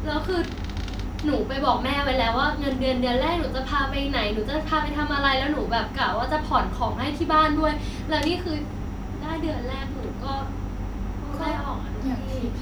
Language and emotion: Thai, frustrated